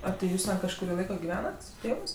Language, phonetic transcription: Lithuanian, a tė ˈjūs ten kažkuˈrį ˈlaiko giˈvenat su ˈtėvɜs

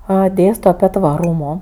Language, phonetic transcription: Lithuanian, ˈa ˈdėsto aˈpie tvaˈrūmo

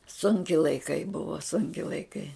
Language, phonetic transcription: Lithuanian, ˈsunki laiˈkai ˈbuva ˈsunki laiˈkai

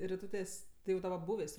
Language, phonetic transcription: Lithuanian, riˈtūtės ˈtai jau daˈba ˈbūvės

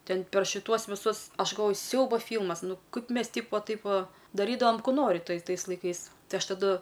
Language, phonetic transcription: Lithuanian, ˈten per šiˈtuos viˈsus ˈaš galˈvoju ˈsiauba ˈfylmas ˈnu ˈkaip ˈmes ˈtyp va ˈtaip ˈva daˈrydavam ˈkų ˈnori ˈtai ˈtais laiˈkais ˈtai ˈaš taˈdu

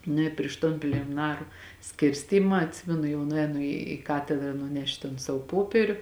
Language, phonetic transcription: Lithuanian, ˈnu i priš ˈton plėmiˈnaru ˈskirstyma atˈsimenu jau nuˈēnu į ˈkatedra nuˈnešt ton ˈsavo ˈpopieriu

